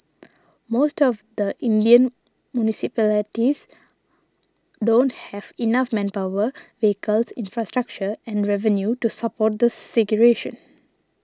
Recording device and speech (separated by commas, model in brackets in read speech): standing microphone (AKG C214), read sentence